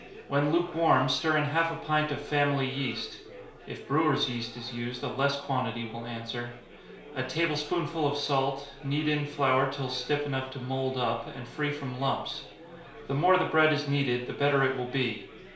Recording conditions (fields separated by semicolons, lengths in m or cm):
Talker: one person; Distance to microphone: 1.0 m; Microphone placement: close; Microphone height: 1.1 m; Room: small (3.7 m by 2.7 m); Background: babble